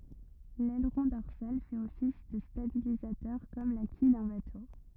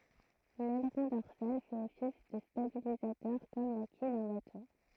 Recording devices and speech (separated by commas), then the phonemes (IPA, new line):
rigid in-ear microphone, throat microphone, read sentence
lɛlʁɔ̃ dɔʁsal fɛt ɔfis də stabilizatœʁ kɔm la kij dœ̃ bato